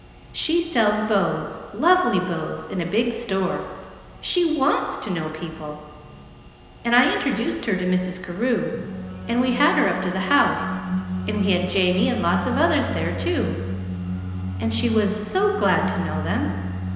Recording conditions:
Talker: one person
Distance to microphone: 1.7 m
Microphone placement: close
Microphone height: 1.0 m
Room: very reverberant, large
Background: music

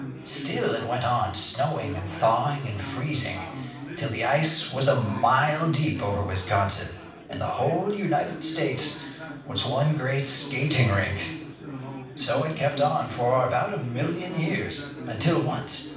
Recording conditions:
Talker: one person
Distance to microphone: 5.8 m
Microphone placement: far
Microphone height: 1.8 m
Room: medium-sized (5.7 m by 4.0 m)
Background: babble

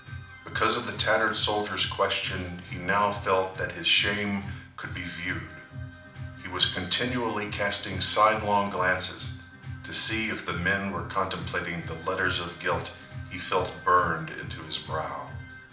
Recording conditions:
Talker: one person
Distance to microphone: 2.0 m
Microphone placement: close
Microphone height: 99 cm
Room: medium-sized (5.7 m by 4.0 m)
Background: music

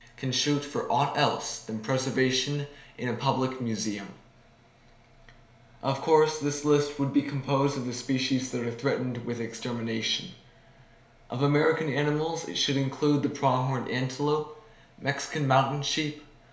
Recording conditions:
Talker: one person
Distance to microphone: 1.0 m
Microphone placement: close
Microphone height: 1.1 m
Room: small (3.7 m by 2.7 m)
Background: none

